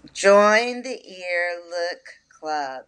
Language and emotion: English, disgusted